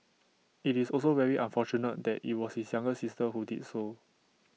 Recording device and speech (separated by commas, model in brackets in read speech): mobile phone (iPhone 6), read sentence